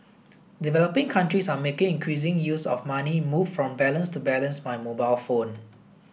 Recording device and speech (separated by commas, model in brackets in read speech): boundary microphone (BM630), read sentence